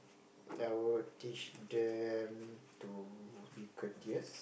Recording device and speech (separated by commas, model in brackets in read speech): boundary microphone, conversation in the same room